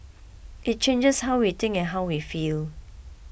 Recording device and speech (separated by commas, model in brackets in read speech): boundary microphone (BM630), read sentence